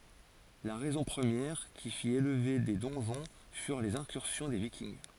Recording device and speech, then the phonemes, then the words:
forehead accelerometer, read sentence
la ʁɛzɔ̃ pʁəmjɛʁ ki fit elve de dɔ̃ʒɔ̃ fyʁ lez ɛ̃kyʁsjɔ̃ de vikinɡ
La raison première qui fit élever des donjons furent les incursions des Vikings.

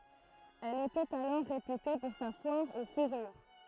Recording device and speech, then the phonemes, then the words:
throat microphone, read sentence
ɛl etɛt alɔʁ ʁepyte puʁ sa fwaʁ o fuʁyʁ
Elle était alors réputée pour sa foire aux fourrures.

